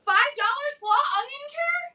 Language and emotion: English, surprised